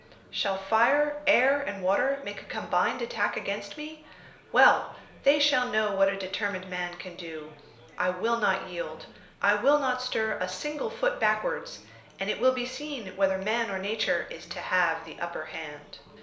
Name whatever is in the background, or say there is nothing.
Crowd babble.